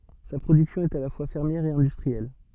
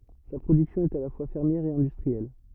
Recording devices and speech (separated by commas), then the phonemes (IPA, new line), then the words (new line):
soft in-ear microphone, rigid in-ear microphone, read sentence
sa pʁodyksjɔ̃ ɛt a la fwa fɛʁmjɛʁ e ɛ̃dystʁiɛl
Sa production est à la fois fermière et industrielle.